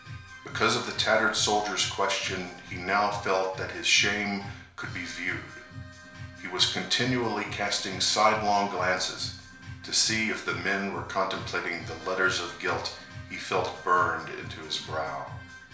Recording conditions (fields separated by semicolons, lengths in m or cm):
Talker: one person; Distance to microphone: 1.0 m; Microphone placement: close; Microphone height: 1.1 m; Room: small (3.7 m by 2.7 m); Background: music